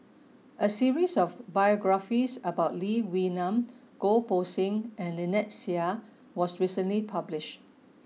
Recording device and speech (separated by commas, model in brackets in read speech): mobile phone (iPhone 6), read sentence